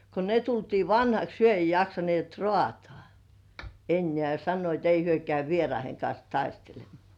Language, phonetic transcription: Finnish, ko ne 'tultii "vanhaks 'hyö ei 'jaksanĭèt "rŏàtŏà , 'ennĕä̀ ja sannoit 'ei "hyö käy 'vieraiheŋ kans 'taistelem̆mŏà .
- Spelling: kun ne tultiin vanhaksi he ei jaksaneet raataa enää ja sanoivat ei he käy vieraiden kanssa taistelemaan

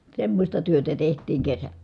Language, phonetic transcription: Finnish, semmośta työtä teht̀iiŋ kesä .
- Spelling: semmoista työtä tehtiin kesä

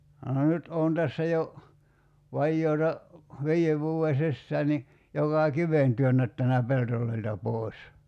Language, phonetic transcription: Finnish, 'nyt oon 'tässä jo , 'vajjoota , 'vii₍ev 'vuu₍e "sissää ni , 'jokà "kiven 'työnnättänä 'peltol̀oilta 'pòi̬s .
- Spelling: nyt olen tässä jo vajaata viiden vuoden sisään niin joka kiven työnnättänyt pelloilta pois

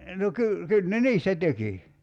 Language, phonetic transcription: Finnish, no 'ky- , 'kyl ne "niistä 'teki .
- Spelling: no - kyllä ne niistä teki

